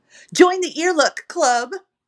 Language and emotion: English, fearful